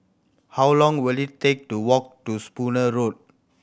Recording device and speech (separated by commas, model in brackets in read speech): boundary microphone (BM630), read sentence